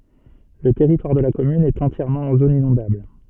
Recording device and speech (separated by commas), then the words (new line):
soft in-ear microphone, read sentence
Le territoire de la commune est entièrement en zone inondable.